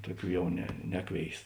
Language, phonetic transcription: Lithuanian, ˈtuˌkių ˈjau ne ˈneˌkvėis

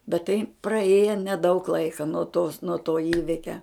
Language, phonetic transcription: Lithuanian, bet tai praˈėja neˈdaug ˈlaika nuo tos nuo to ˈįvikia

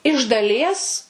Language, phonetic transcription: Lithuanian, iš daˈlies

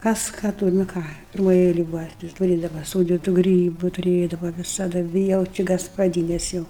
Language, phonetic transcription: Lithuanian, kas ˈką ˈtur nu ˈką pirˈmoj ˈeilej ˈbuva tai tuˈrėdava ˈsūdytu ˈgrybu tuˈrėdava visaˈda ˈvi jau ˈči gaspaˈdynes ˈjau

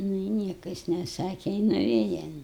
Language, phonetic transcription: Lithuanian, ˈnu i ˈnieka jis neˈsake i nuˈvėja

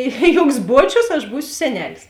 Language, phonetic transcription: Lithuanian, i ˈjuoks ˈbuočius aš ˈbūsiu seˈnelis

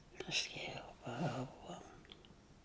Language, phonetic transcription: Lithuanian, pasˈkiau paˈaugom

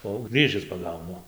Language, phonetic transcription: Lithuanian, o au ˈgrįžis paˈgaunu

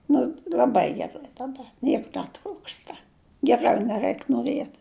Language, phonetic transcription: Lithuanian, ˈnu l'aˈbai geˈrai daˈba ˈniek neˈtrūksta geˈrau neˈraik noˈriet

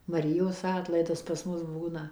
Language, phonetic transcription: Lithuanian, maˈrijos ˈatlaidas pas ˈmus ˈbūna

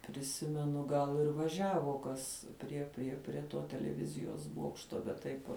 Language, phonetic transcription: Lithuanian, priˈsimenu gal ir vaˈžiavo ˈkas prie prie prie ˈto teleˈvizijos ˈbuokšto bet ˈtaip vuo

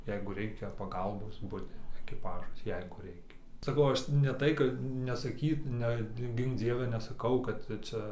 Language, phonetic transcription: Lithuanian, ˈjeigu ˈreikia paˈgalbos ˈbudi ekiˈpažas ˈjeigu ˈreikia saˈkau ˈaš ne ˈtai kad nesaˈkyt ɨnet ˈgink ˈdzieve nesaˈkau kad ˈcia

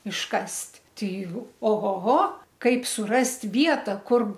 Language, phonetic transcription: Lithuanian, išˈkast' ˈtei o ˈho ˈho ˈkaip suˈrast' ˈvieta ˈkur

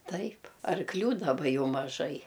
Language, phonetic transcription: Lithuanian, ˈtaip arkˈlių daˈba ˈjau maˈžai

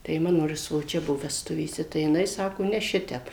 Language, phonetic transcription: Lithuanian, tai ˈmano ir svoˈčia ˈbuvo vesˈtuvėse tai jiˈnai ˈsako ne ˈšitep

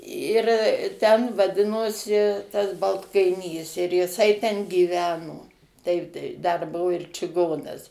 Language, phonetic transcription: Lithuanian, ir ten vaˈdinosi tas baltkaiˈnys ir jiˈsai ten gyˈveno ˈtaip tai dar ˈbuvo ir čiˈgonas

